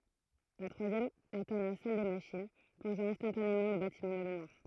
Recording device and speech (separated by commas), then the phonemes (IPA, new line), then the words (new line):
throat microphone, read sentence
la tʁwazjɛm atɛ̃ la sal de maʃin plɔ̃ʒɑ̃ ɛ̃stɑ̃tanemɑ̃ lə batimɑ̃ dɑ̃ lə nwaʁ
La troisième atteint la salle des machines, plongeant instantanément le bâtiment dans le noir.